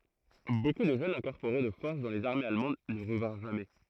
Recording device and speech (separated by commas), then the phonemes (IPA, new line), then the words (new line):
throat microphone, read sentence
boku də ʒøn ʒɑ̃ ɛ̃kɔʁpoʁe də fɔʁs dɑ̃ lez aʁmez almɑ̃d nə ʁəvɛ̃ʁ ʒamɛ
Beaucoup de jeunes gens incorporés de force dans les armées allemandes ne revinrent jamais.